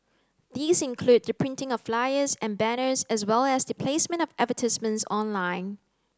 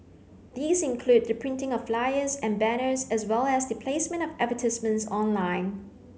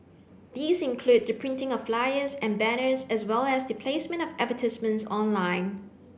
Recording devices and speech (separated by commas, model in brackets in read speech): close-talking microphone (WH30), mobile phone (Samsung C9), boundary microphone (BM630), read sentence